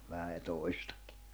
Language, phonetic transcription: Finnish, vähä jᵒ 'toistᴀkɪ .
- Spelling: vähän jo toistakin

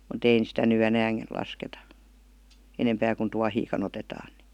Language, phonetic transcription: Finnish, mu't ‿ein§ sitä ny 'enääŋ§ , lasketa , enempää kun 'tuahiika'n ‿otetaan NI .
- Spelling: mutta ei sitä nyt enää lasketa enempää kuin tuohiakaan otetaan niin

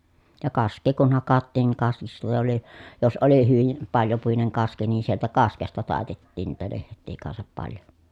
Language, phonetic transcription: Finnish, ja kask̆kee kun hakattiin niŋ ka(ski)sta tuli , jos oli hyvim paljopuineŋ kaski ni sieltä kaskesta tàetettiin niitä leht̆tii kansap paljo .
- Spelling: ja kaskea kun hakattiin niin kaskista tuli jos oli hyvin paljopuinen kaski niin sieltä kaskesta taitettiin niitä lehtiä kanssa paljon

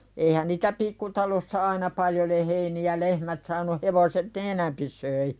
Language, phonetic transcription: Finnish, eihän niitä 'pikkutalossa aina paljo le- heini₍ä "lehmät saanu hevoset ne "enämpi soi .
- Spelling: eihän niitä pikkutalossa aina paljon - heiniä lehmät saanut hevoset ne enempi söi

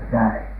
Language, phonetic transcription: Finnish, näin .
- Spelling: näin

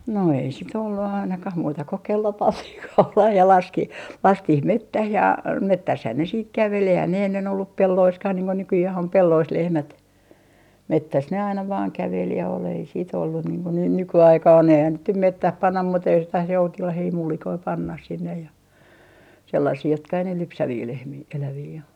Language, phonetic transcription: Finnish, no ei sit ‿ollu ainakah muuta ko "kello 'pantih 'kaulah ja 'laski , 'lastih "mettäh ja , 'mettäshän ne siit 'kävel eihän ne ennen ollup "pelloiskah niiŋ ko 'nykyjäh om "pellois 'lehmät , "mettäs ne aina vaaŋ 'kävel ja ol ei siit ‿ollun niiŋ ko ne "nyky₍aikaan eihän niit nym "mettäh 'pannah muuta jos taas 'joutilahii 'mullikoi "pannah 'sinneh ja , sellasii jotka ei ne 'lypsävii 'lehmii , 'elävii o .
- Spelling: no ei sitten ollut ainakaan muuta kuin kello pantiin kaulaan ja laski laskettiin metsään ja metsässähän ne sitten käveli eihän ne ennen ollut pelloissakaan niin kuin nykyään on pelloissa lehmät metsässä ne aina vain käveli ja oli ei sitten ollut niin kuin ne nykyaikaan eihän niitä nyt metsään panna muuta jos taas joutilaita mullikoita pannaan sinne ja sellaisia jotka ei ne lypsäviä lehmiä eläviä ole

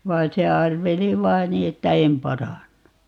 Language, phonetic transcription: Finnish, 'vai se 'arveli "vain 'nii että » "em 'parann(u) » .
- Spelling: vaan se arveli vain niin että en parannu

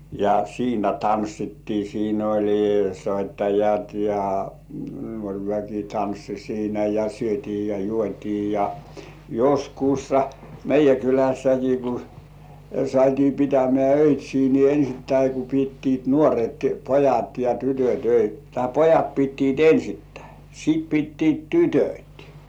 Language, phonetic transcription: Finnish, ja 'siinä "tanssittii siin ‿oĺi "soittajat ja , 'nuoŕ väki "tanssi siinä , ja "syöt̜ii ja "juot́ii ja , "joskuussa 'meij§jä "kylässäki ku sŏ§àt́ii 'pitämĕä̀ "öit́̀śii nii 'ensittäi ku pittiit "nuoret 'pojat ja 'tytöt̜ öit- , tai "pojat 'pittiit "ensittäi , sit 'pittiit "tytöt̜ .
- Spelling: ja siinä tanssittiin siinä oli soittajat ja nuori väki tanssi siinä ja syötiin ja juotiin ja joskus meidän kylässäkin kun saatiin pitämään öitsejä niin ensittäin kun pitivät nuoret pojat ja tytöt - tai pojat pitivät ensttäin sitten pitivät tytöt

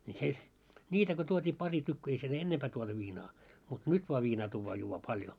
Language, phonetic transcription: Finnish, ńi se , 'ńiitä ko tuot́ii 'pari 'tykky ei siel "ennempää tuotu 'viinaa , mut "nyt voa 'viinaa tuuvvaa juuvvaa 'paljo .
- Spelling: niin se niitä kun tuotiin pari tykkyä ei siellä ennempää tuotu viinaa mutta nyt vain viinaa tuodaan juodaan paljon

